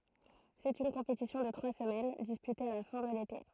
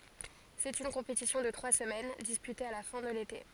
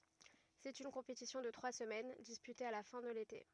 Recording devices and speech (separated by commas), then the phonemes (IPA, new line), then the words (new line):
throat microphone, forehead accelerometer, rigid in-ear microphone, read sentence
sɛt yn kɔ̃petisjɔ̃ də tʁwa səmɛn dispyte a la fɛ̃ də lete
C'est une compétition de trois semaines, disputée à la fin de l'été.